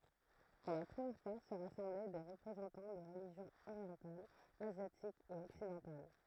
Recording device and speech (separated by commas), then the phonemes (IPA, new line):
throat microphone, read sentence
puʁ la pʁəmjɛʁ fwa sə ʁasɑ̃blɛ de ʁəpʁezɑ̃tɑ̃ də ʁəliʒjɔ̃z oʁjɑ̃talz azjatikz e ɔksidɑ̃tal